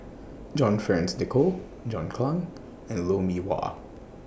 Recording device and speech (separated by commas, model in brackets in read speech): boundary microphone (BM630), read sentence